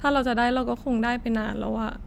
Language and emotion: Thai, sad